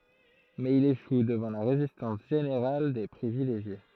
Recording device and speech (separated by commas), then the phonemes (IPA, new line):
throat microphone, read sentence
mɛz il eʃu dəvɑ̃ la ʁezistɑ̃s ʒeneʁal de pʁivileʒje